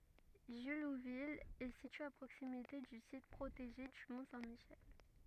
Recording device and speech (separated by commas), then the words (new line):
rigid in-ear microphone, read sentence
Jullouville est située à proximité du site protégé du mont Saint-Michel.